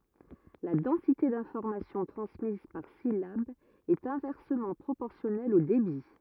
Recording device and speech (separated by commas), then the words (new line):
rigid in-ear microphone, read sentence
La densité d'information transmise par syllabe est inversement proportionnelle au débit.